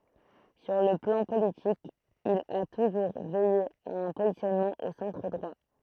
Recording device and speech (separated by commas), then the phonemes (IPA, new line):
throat microphone, read sentence
syʁ lə plɑ̃ politik il a tuʒuʁ vɛje a œ̃ pozisjɔnmɑ̃ o sɑ̃tʁ dʁwa